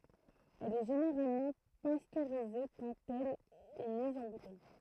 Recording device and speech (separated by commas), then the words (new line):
throat microphone, read sentence
Elle est généralement pasteurisée quand elle est mise en bouteille.